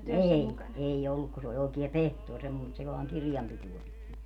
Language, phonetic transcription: Finnish, "ei , 'ei 'olluk ku se oĺ 'òikia "pehtuor semmo - et se 'vaaŋ "kirjampituo pit .
- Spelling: ei ei ollut kun se oli oikea pehtori - että se vain kirjanpitoa piti

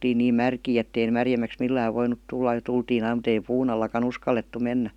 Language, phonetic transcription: Finnish, oltiin niin "märkii ettei 'märjem̆mäks "millääv voinut tulla ja 'tultiin ‿aim mut ‿ei "puun ‿allaka'n ‿uskallettu 'mennä .
- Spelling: oltiin niin märkiä että ei märemmäksi millään voinut tulla ja tultiin aina mutta ei puun allakaan uskallettu mennä

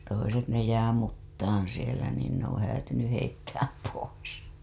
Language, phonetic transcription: Finnish, toiset ne jää 'muttaan̬ sielä niin ne ‿oo̰ häätynyh heittääm pois .
- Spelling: toiset ne jää mutaan siellä niin ne on häätynyt heittää pois

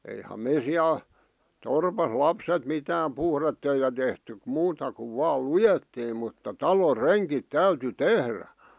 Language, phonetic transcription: Finnish, eiham me 'siäl , 'torpas "lapset 'mitää(m) "puhrettöitä tehtyk k- 'muuta kuv 'vaal "lujettiim mutta "talor "reŋkit "täyty "tehrä .
- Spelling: eihän me siellä torpassa lapset mitään puhdetöitä tehty - muuta kuin vain luettiin mutta talon rengit täytyi tehdä

